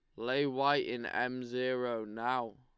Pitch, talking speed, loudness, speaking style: 125 Hz, 150 wpm, -34 LUFS, Lombard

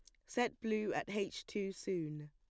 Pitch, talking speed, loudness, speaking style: 200 Hz, 180 wpm, -40 LUFS, plain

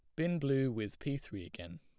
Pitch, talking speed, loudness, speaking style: 130 Hz, 225 wpm, -37 LUFS, plain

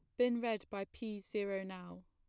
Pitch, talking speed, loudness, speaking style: 200 Hz, 190 wpm, -40 LUFS, plain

